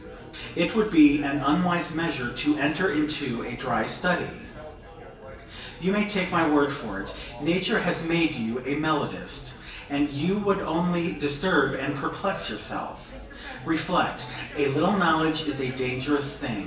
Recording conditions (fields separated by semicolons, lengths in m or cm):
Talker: one person; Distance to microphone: 1.8 m; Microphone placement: close; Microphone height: 1.0 m; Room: large; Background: babble